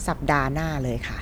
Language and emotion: Thai, neutral